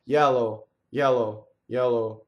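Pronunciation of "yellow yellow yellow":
'Yellow' is said the English or American way, not the Italian way.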